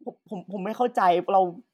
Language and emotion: Thai, frustrated